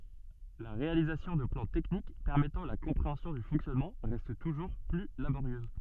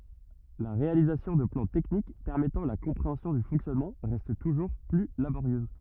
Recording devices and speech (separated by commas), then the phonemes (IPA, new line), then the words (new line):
soft in-ear microphone, rigid in-ear microphone, read sentence
la ʁealizasjɔ̃ də plɑ̃ tɛknik pɛʁmɛtɑ̃ la kɔ̃pʁeɑ̃sjɔ̃ dy fɔ̃ksjɔnmɑ̃ ʁɛst tuʒuʁ ply laboʁjøz
La réalisation de plans techniques permettant la compréhension du fonctionnement reste toujours plus laborieuse.